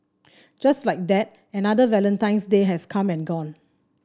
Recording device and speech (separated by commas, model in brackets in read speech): standing microphone (AKG C214), read sentence